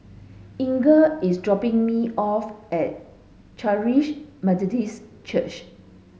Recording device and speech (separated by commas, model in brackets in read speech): mobile phone (Samsung S8), read sentence